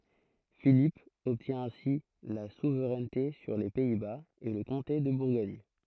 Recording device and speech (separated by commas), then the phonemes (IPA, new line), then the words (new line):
throat microphone, read sentence
filip ɔbtjɛ̃ ɛ̃si la suvʁɛnte syʁ le pɛi baz e lə kɔ̃te də buʁɡɔɲ
Philippe obtient ainsi la souveraineté sur les Pays-Bas et le comté de Bourgogne.